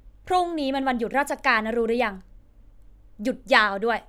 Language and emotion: Thai, angry